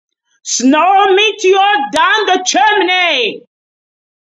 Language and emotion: English, disgusted